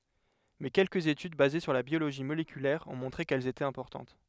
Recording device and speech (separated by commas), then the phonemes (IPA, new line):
headset microphone, read sentence
mɛ kɛlkəz etyd baze syʁ la bjoloʒi molekylɛʁ ɔ̃ mɔ̃tʁe kɛl etɛt ɛ̃pɔʁtɑ̃t